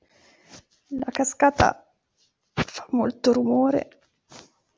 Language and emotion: Italian, fearful